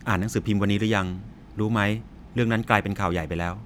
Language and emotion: Thai, neutral